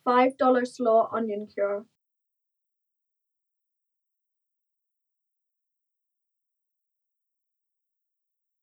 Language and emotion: English, neutral